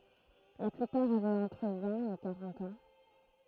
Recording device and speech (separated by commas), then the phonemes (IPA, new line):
throat microphone, read sentence
la plypaʁ avɛt ɑ̃tʁ vɛ̃t e kaʁɑ̃t ɑ̃